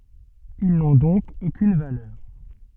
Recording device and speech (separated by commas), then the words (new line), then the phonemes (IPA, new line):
soft in-ear microphone, read sentence
Ils n'ont donc aucune valeur.
il nɔ̃ dɔ̃k okyn valœʁ